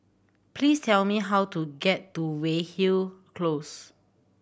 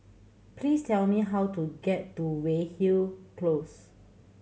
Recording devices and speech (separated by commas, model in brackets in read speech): boundary microphone (BM630), mobile phone (Samsung C7100), read sentence